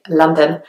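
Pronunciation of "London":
In 'London', the o's are not fully pronounced; the o almost sounds like an a.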